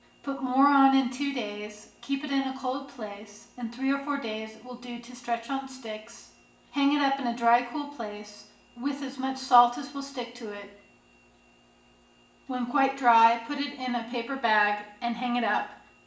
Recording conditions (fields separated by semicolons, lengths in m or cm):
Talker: one person; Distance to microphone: 1.8 m; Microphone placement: close; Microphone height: 1.0 m; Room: large; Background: none